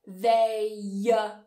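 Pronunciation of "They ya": A y sound links 'they' to 'are', so the two words run together as 'they-ya'.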